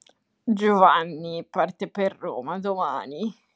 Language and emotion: Italian, disgusted